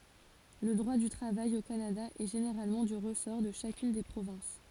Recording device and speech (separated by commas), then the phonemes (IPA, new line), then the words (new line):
forehead accelerometer, read sentence
lə dʁwa dy tʁavaj o kanada ɛ ʒeneʁalmɑ̃ dy ʁəsɔʁ də ʃakyn de pʁovɛ̃s
Le droit du travail au Canada est généralement du ressort de chacune des provinces.